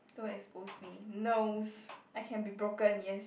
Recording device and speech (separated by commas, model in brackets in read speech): boundary microphone, conversation in the same room